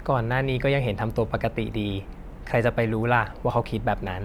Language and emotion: Thai, neutral